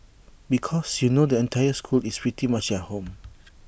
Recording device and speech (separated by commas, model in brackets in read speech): boundary microphone (BM630), read sentence